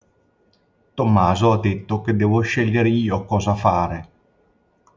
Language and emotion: Italian, neutral